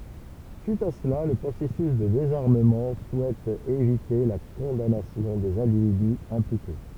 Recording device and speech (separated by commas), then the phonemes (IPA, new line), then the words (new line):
temple vibration pickup, read sentence
syit a səla lə pʁosɛsys də dezaʁməmɑ̃ suɛt evite la kɔ̃danasjɔ̃ dez ɛ̃dividy ɛ̃plike
Suite à cela, le processus de désarmement souhaite éviter la condamnation des individus impliqués.